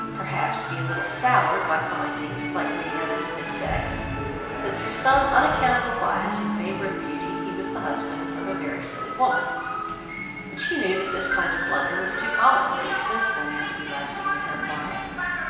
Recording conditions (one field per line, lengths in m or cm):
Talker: one person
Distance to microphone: 1.7 m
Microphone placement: close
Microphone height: 1.0 m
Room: very reverberant, large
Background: television